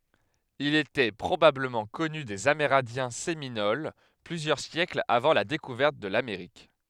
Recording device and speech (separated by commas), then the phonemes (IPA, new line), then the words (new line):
headset microphone, read sentence
il etɛ pʁobabləmɑ̃ kɔny dez ameʁɛ̃djɛ̃ seminol plyzjœʁ sjɛklz avɑ̃ la dekuvɛʁt də lameʁik
Il était probablement connu des Amérindiens Séminoles plusieurs siècles avant la découverte de l'Amérique.